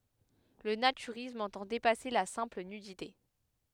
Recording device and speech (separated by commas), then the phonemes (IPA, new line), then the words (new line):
headset microphone, read sentence
lə natyʁism ɑ̃tɑ̃ depase la sɛ̃pl nydite
Le naturisme entend dépasser la simple nudité.